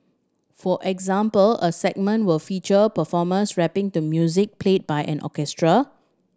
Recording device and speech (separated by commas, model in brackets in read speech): standing microphone (AKG C214), read sentence